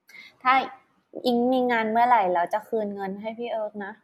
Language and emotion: Thai, neutral